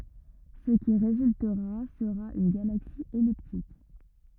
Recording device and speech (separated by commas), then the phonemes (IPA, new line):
rigid in-ear microphone, read sentence
sə ki ʁezyltəʁa səʁa yn ɡalaksi ɛliptik